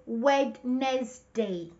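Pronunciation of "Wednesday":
'Wednesday' is pronounced incorrectly here, with three syllables instead of two.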